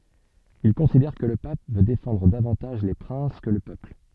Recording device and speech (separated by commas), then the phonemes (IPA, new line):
soft in-ear microphone, read sentence
il kɔ̃sidɛʁ kə lə pap vø defɑ̃dʁ davɑ̃taʒ le pʁɛ̃s kə lə pøpl